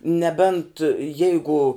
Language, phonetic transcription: Lithuanian, neˈbent ˈjeigu

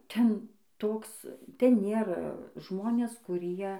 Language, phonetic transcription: Lithuanian, ˈten ˈtoks ˈten ˈnėra ˈžmonės kuˈrie

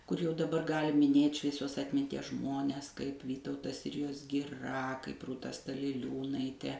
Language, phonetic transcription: Lithuanian, kur jau daˈbar ˈgali miˈnėt' švieˈsios atminˈties ˈžmones kaip ˈvytautas ˈsirijos giˈra kaip rūˈta staliˈliūnaite

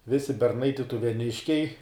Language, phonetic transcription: Lithuanian, ˈvisi berˈnai tituveˈniškiai

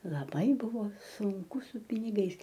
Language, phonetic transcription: Lithuanian, laˈbai ˈbuvo sunˈku su piniˈgais

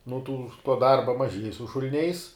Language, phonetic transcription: Lithuanian, nu tų tuo ˈdarba maˈžiej su šul'ˈniais

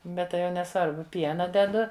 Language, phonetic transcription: Lithuanian, ˈbet tai jau neˈsvarbu ˈpiena deˈdu

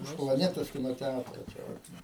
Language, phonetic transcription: Lithuanian, už plaˈnetos ˈkino ˈtætro čia ˈvat

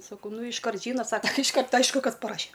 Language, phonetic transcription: Lithuanian, saˈkau ˈnu išˈkart ˈžyna ˈsaka tɨ išˈkart ˈaišku ˈkas paˈraše

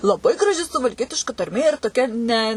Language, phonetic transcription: Lithuanian, laˈbai graˈži suvalˈkietiška tarˈmė ir toˈkia ne

